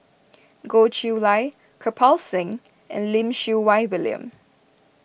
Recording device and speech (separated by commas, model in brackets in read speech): boundary microphone (BM630), read sentence